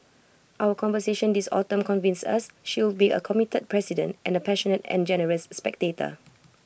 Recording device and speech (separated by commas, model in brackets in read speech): boundary microphone (BM630), read sentence